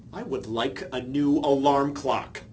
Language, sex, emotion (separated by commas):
English, male, angry